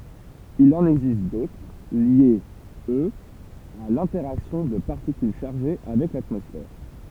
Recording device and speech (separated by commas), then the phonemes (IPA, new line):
temple vibration pickup, read sentence
il ɑ̃n ɛɡzist dotʁ ljez øz a lɛ̃tɛʁaksjɔ̃ də paʁtikyl ʃaʁʒe avɛk latmɔsfɛʁ